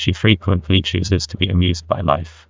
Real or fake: fake